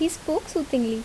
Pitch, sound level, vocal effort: 320 Hz, 77 dB SPL, normal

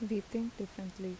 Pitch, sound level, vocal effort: 205 Hz, 77 dB SPL, soft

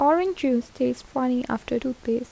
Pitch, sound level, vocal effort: 250 Hz, 78 dB SPL, soft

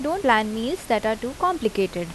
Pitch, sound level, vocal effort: 225 Hz, 83 dB SPL, normal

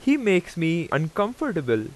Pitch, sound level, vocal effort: 170 Hz, 90 dB SPL, very loud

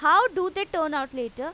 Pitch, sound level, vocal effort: 320 Hz, 97 dB SPL, loud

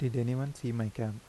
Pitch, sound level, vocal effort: 120 Hz, 80 dB SPL, soft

